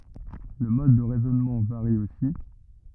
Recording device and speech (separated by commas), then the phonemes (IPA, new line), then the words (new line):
rigid in-ear microphone, read sentence
lə mɔd də ʁɛzɔnmɑ̃ vaʁi osi
Le mode de raisonnement varie aussi.